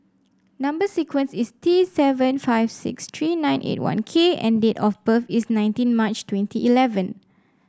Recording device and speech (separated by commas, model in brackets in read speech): standing microphone (AKG C214), read sentence